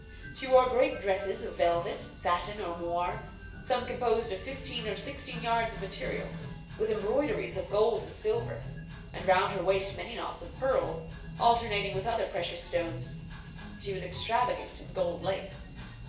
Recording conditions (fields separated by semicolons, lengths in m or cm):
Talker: one person; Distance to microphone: 1.8 m; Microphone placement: close; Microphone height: 1.0 m; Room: large; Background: music